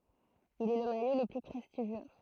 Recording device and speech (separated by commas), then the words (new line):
throat microphone, read sentence
Il est le maillot le plus prestigieux.